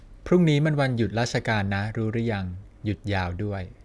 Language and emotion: Thai, neutral